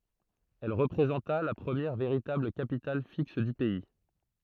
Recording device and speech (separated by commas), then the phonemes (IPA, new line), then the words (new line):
throat microphone, read sentence
ɛl ʁəpʁezɑ̃ta la pʁəmjɛʁ veʁitabl kapital fiks dy pɛi
Elle représenta la première véritable capitale fixe du pays.